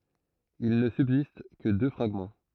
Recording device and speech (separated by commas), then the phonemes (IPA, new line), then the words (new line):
throat microphone, read sentence
il nə sybzist kə dø fʁaɡmɑ̃
Il ne subsiste que deux fragments.